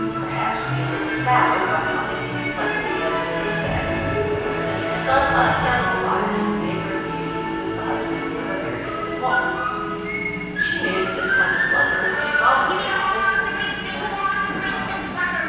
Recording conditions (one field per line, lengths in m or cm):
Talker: one person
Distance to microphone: 7.1 m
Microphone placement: far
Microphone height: 1.7 m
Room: very reverberant, large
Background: television